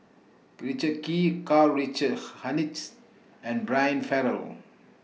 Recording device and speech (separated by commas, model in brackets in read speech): mobile phone (iPhone 6), read sentence